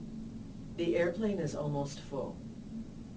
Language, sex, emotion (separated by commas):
English, female, neutral